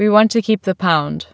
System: none